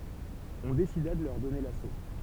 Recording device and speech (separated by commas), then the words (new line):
temple vibration pickup, read sentence
On décida de leur donner l'assaut.